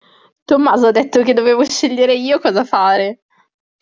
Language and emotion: Italian, happy